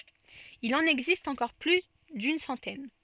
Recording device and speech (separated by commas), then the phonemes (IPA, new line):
soft in-ear microphone, read sentence
il ɑ̃n ɛɡzist ɑ̃kɔʁ ply dyn sɑ̃tɛn